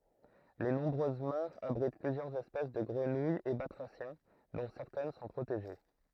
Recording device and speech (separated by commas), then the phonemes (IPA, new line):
throat microphone, read sentence
le nɔ̃bʁøz maʁz abʁit plyzjœʁz ɛspɛs də ɡʁənujz e batʁasjɛ̃ dɔ̃ sɛʁtɛn sɔ̃ pʁoteʒe